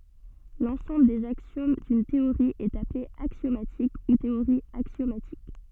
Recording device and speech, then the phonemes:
soft in-ear microphone, read sentence
lɑ̃sɑ̃bl dez aksjom dyn teoʁi ɛt aple aksjomatik u teoʁi aksjomatik

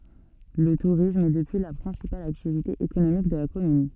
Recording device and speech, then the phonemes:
soft in-ear microphone, read sentence
lə tuʁism ɛ dəpyi la pʁɛ̃sipal aktivite ekonomik də la kɔmyn

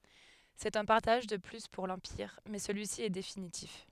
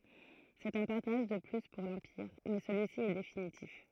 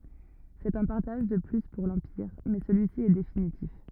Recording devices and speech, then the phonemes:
headset microphone, throat microphone, rigid in-ear microphone, read sentence
sɛt œ̃ paʁtaʒ də ply puʁ lɑ̃piʁ mɛ səlyisi ɛ definitif

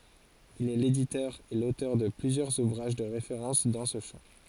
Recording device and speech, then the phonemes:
forehead accelerometer, read sentence
il ɛ leditœʁ e lotœʁ də plyzjœʁz uvʁaʒ də ʁefeʁɑ̃s dɑ̃ sə ʃɑ̃

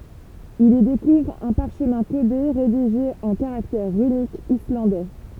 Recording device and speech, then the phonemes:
temple vibration pickup, read sentence
il i dekuvʁ œ̃ paʁʃmɛ̃ kode ʁediʒe ɑ̃ kaʁaktɛʁ ʁynikz islɑ̃dɛ

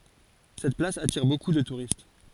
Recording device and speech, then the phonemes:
forehead accelerometer, read sentence
sɛt plas atiʁ boku də tuʁist

